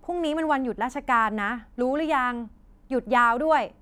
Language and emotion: Thai, frustrated